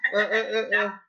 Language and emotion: Thai, frustrated